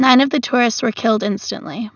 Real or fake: real